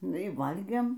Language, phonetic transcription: Lithuanian, ˈnu y ˈvalgėm

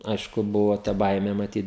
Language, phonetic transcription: Lithuanian, ˈaišku ˈbuvo ta ˈbaimė maˈtyt

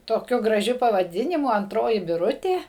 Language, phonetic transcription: Lithuanian, toˈkiu graˈžiu pavaˈdinimu anˈtroji biˈrutė

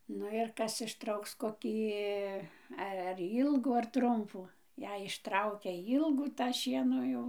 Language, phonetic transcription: Lithuanian, ˈnu ir ˈkas išˈtrauks koˈkį ˈe ar ˈylgų ar ˈtrumpų ˈjei išˈtraukia ˈylgų tą ˈšieno ˈjau

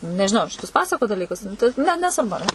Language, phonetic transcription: Lithuanian, nežiˈnau ar šiˈtus ˈpasakot daˈlykus tai ne nesvarˈbu ar ˈne

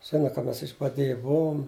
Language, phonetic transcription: Lithuanian, ˈžina ka ˈmes išbaˈdėje ˈbuvom

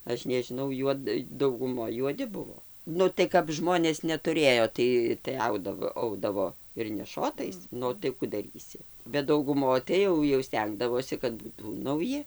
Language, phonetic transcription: Lithuanian, ˈaš nežiˈnau ˈjuod dauguˈmoj juoˈdi ˈbuvo ˈnu tai kap ˈžmonės netuˈrėjo ˈtai tai ˈaudavo ˈaudavo ir neˈšotais ˈnu tai ˈku daˈrysi bet dauguˈmoj tai ˈjau jau ˈstengdavosi kad ˈbūtų nauˈji

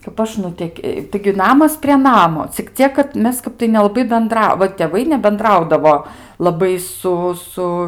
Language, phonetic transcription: Lithuanian, kap ˈaš nuˈtek' taigi ˈnamas prie ˈnamo cik ˈciek kad ˈmes ˈkap tai nelaˈbai benˈdra va tėˈvai nebenˈdraudavo laˈbai ˈsu ˈsu

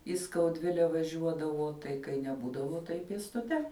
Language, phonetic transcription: Lithuanian, į skauˈdvile vaˈžiuodavo tai kai neˈbūdavo tai pėstuˈte

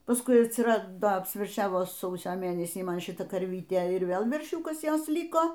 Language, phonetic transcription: Lithuanian, pasˈkui atsiˈrado apsverˈšiavoˈsausio ˈmėnesį ˈman šiˈta karˈvyte ir ˈvėl verˈšiūkas ˈjos ˈliko

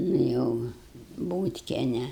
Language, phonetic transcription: Lithuanian, nu ˈjau ˈbūtkiene

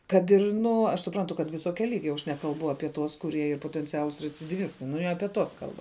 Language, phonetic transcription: Lithuanian, ˈkad ir ˈnu aš suˈprantu kad viˈsokia ˈlygia jau aš ˈnekalbu ˈapie tuos kuˈrie ˈyr potenˈcialus recidyˈvistai nu i ˈapie tuos ˈkalba

